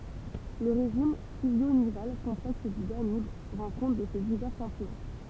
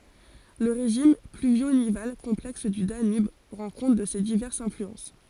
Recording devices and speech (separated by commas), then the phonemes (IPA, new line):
temple vibration pickup, forehead accelerometer, read sentence
lə ʁeʒim plyvjo nival kɔ̃plɛks dy danyb ʁɑ̃ kɔ̃t də se divɛʁsz ɛ̃flyɑ̃s